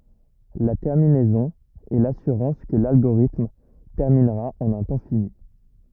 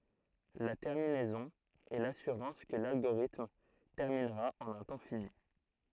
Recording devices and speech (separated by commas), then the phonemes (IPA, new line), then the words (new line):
rigid in-ear microphone, throat microphone, read sentence
la tɛʁminɛzɔ̃ ɛ lasyʁɑ̃s kə lalɡoʁitm tɛʁminʁa ɑ̃n œ̃ tɑ̃ fini
La terminaison est l'assurance que l'algorithme terminera en un temps fini.